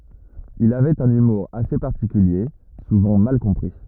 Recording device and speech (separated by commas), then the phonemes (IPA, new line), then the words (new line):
rigid in-ear microphone, read sentence
il avɛt œ̃n ymuʁ ase paʁtikylje suvɑ̃ mal kɔ̃pʁi
Il avait un humour assez particulier, souvent mal compris.